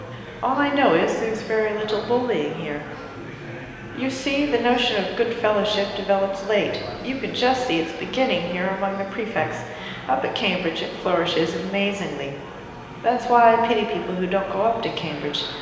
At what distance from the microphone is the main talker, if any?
1.7 m.